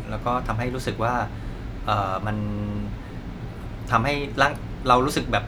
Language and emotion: Thai, neutral